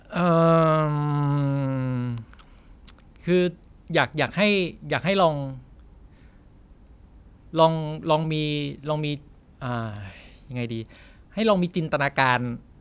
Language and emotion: Thai, frustrated